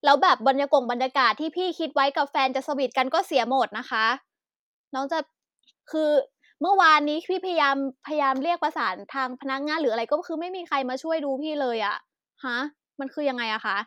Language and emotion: Thai, frustrated